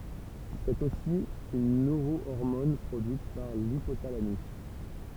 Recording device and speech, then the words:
temple vibration pickup, read sentence
C'est aussi une neurohormone produite par l'hypothalamus.

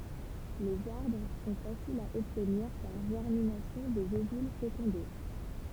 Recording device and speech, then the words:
temple vibration pickup, read sentence
Les arbres sont faciles à obtenir par germination des ovules fécondés.

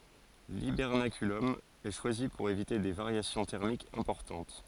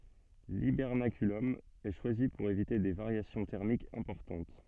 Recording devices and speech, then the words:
forehead accelerometer, soft in-ear microphone, read sentence
L’hibernaculum est choisi pour éviter des variations thermiques importantes.

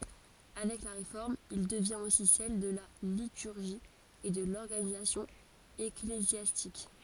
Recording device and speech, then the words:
forehead accelerometer, read sentence
Avec la Réforme, il devient aussi celle de la liturgie et de l'organisation ecclésiastique.

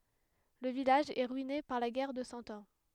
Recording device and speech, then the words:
headset microphone, read sentence
Le village est ruiné par la guerre de Cent Ans.

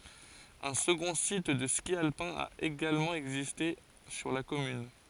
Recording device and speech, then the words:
forehead accelerometer, read sentence
Un second site de ski alpin a également existé sur la commune.

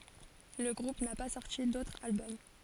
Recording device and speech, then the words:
forehead accelerometer, read sentence
Le groupe n'a pas sorti d'autre album.

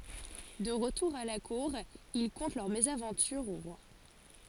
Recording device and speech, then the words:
forehead accelerometer, read sentence
De retour à la Cour, ils content leur mésaventure au roi.

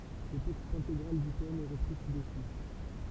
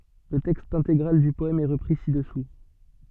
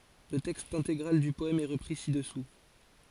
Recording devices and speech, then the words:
temple vibration pickup, soft in-ear microphone, forehead accelerometer, read sentence
Le texte intégral du poème est repris ci-dessous.

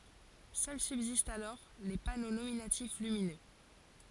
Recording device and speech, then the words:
forehead accelerometer, read sentence
Seuls subsistent alors les panneaux nominatifs lumineux.

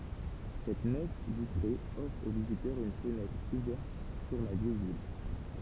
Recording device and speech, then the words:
temple vibration pickup, read sentence
Cette nef vitrée offre aux visiteurs une fenêtre ouverte sur la vieille ville.

